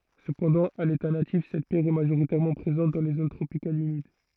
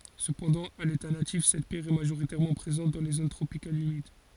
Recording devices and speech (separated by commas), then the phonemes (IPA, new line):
throat microphone, forehead accelerometer, read sentence
səpɑ̃dɑ̃ a leta natif sɛt pjɛʁ ɛ maʒoʁitɛʁmɑ̃ pʁezɑ̃t dɑ̃ le zon tʁopikalz ymid